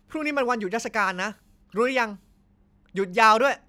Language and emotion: Thai, frustrated